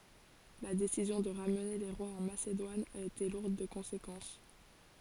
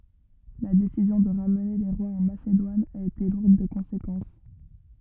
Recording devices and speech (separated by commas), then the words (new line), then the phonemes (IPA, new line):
forehead accelerometer, rigid in-ear microphone, read sentence
La décision de ramener les rois en Macédoine a été lourde de conséquences.
la desizjɔ̃ də ʁamne le ʁwaz ɑ̃ masedwan a ete luʁd də kɔ̃sekɑ̃s